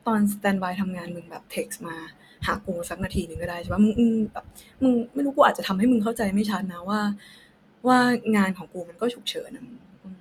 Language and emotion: Thai, frustrated